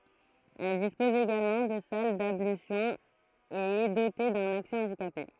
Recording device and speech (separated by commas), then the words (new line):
throat microphone, read sentence
Elle dispose également de salles d'ablutions et est dotée d'un accès handicapés.